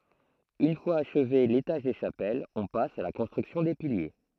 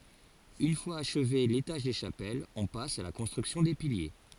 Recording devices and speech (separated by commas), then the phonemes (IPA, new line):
throat microphone, forehead accelerometer, read sentence
yn fwaz aʃve letaʒ de ʃapɛlz ɔ̃ pas a la kɔ̃stʁyksjɔ̃ de pilje